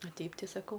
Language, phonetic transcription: Lithuanian, a ˈteip ˈtai saˈkau

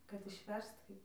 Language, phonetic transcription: Lithuanian, kad išˈverst ˈkaip

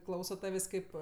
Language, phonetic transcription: Lithuanian, ˈklauso ˈtavės' ˈkaip

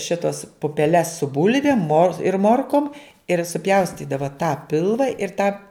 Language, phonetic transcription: Lithuanian, ˈšitos pupeˈles su ˈbulvėm mor ir ˈmorkom ir suˈpjaustydava tą ˈpilva ir tą

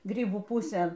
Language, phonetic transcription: Lithuanian, ˈgrybų ˈpusėn

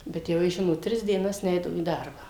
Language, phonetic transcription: Lithuanian, bet jau ˈjis ˈžinot ˈtris dieˈnas ˈneidavo į ˈdarbą

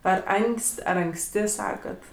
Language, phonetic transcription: Lithuanian, ˈar ˈanks't' ˈar anksˈti ˈsakat

